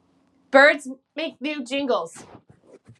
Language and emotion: English, surprised